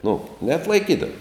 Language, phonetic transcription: Lithuanian, nu neatlaiˈkydavo

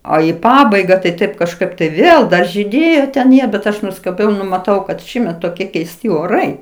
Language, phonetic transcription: Lithuanian, o i ˈpabaiga taiˈ taip kažˈkaip tai ˈvėl ˈda žyˈdėjo ten ˈjie bet ˈaš nuskaˈbiau ˈnu maˈtau kad ˈšįmet toˈkie keisˈti oˈrai

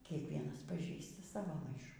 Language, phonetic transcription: Lithuanian, kiekˈvienas paˈžįsta ˈsavo ˈmaišų

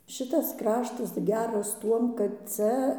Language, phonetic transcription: Lithuanian, ˈšitas ˈkraštas ˈgeras ˈtuom kad ˈcia

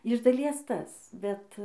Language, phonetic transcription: Lithuanian, iš daˈlies ˈtas ˈbet

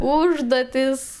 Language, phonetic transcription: Lithuanian, ˈūžduotis

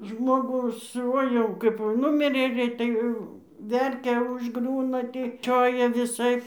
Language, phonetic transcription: Lithuanian, ˈžmogų ˈsu ˈoi jau kaip ˈnumirė ˈgreitai ˈverkia užˈgriūna ˈtį ˈčioja viˈsaip

